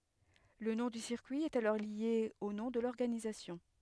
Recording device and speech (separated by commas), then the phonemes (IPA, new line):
headset microphone, read sentence
lə nɔ̃ dy siʁkyi ɛt alɔʁ lje o nɔ̃ də lɔʁɡanizasjɔ̃